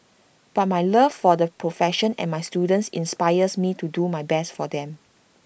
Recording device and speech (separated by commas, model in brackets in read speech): boundary microphone (BM630), read sentence